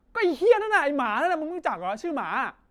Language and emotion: Thai, angry